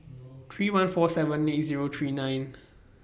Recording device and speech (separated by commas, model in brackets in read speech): boundary microphone (BM630), read sentence